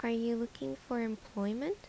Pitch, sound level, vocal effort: 235 Hz, 76 dB SPL, soft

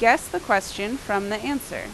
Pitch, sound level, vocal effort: 210 Hz, 87 dB SPL, loud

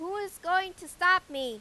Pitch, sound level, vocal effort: 360 Hz, 101 dB SPL, very loud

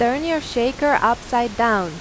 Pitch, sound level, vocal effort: 240 Hz, 90 dB SPL, loud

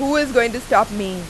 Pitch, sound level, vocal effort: 240 Hz, 91 dB SPL, very loud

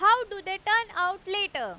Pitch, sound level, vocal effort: 395 Hz, 102 dB SPL, very loud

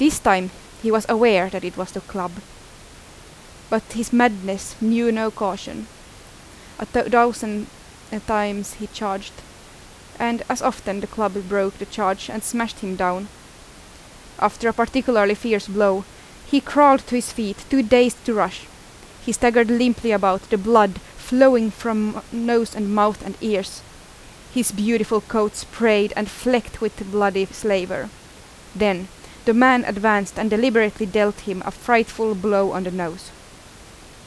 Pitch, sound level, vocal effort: 215 Hz, 85 dB SPL, loud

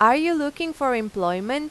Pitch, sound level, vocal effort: 265 Hz, 92 dB SPL, loud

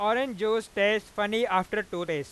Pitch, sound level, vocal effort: 210 Hz, 101 dB SPL, loud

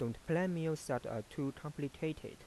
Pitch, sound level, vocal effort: 150 Hz, 85 dB SPL, soft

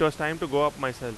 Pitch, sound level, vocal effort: 150 Hz, 95 dB SPL, very loud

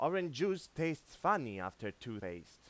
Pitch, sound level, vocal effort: 115 Hz, 94 dB SPL, loud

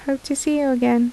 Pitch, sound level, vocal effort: 275 Hz, 77 dB SPL, soft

